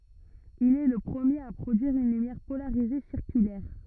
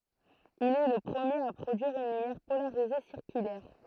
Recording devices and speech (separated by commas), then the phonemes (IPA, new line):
rigid in-ear microphone, throat microphone, read sentence
il ɛ lə pʁəmjeʁ a pʁodyiʁ yn lymjɛʁ polaʁize siʁkylɛʁ